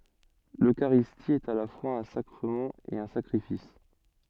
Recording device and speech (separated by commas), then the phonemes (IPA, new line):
soft in-ear microphone, read sentence
løkaʁisti ɛt a la fwaz œ̃ sakʁəmɑ̃ e œ̃ sakʁifis